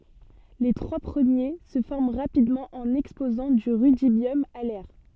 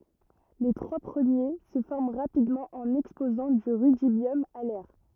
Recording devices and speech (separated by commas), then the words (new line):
soft in-ear microphone, rigid in-ear microphone, read sentence
Les trois premiers se forment rapidement en exposant du rudibium à l'air.